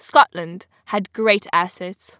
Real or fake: real